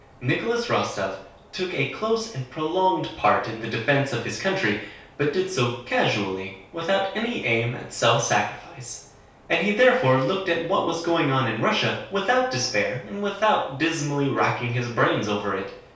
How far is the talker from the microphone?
3.0 m.